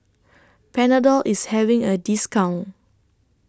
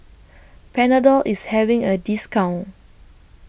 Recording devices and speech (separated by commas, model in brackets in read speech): standing microphone (AKG C214), boundary microphone (BM630), read sentence